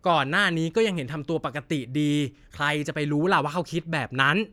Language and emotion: Thai, frustrated